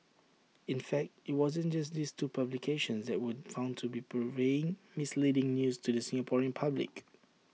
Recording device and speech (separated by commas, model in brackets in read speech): mobile phone (iPhone 6), read sentence